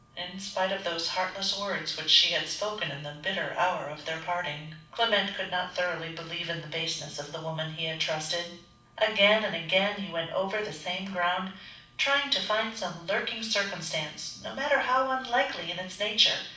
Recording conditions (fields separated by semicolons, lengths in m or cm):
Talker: one person; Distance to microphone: 5.8 m; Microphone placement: far; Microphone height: 1.8 m; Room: medium-sized (5.7 m by 4.0 m); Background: none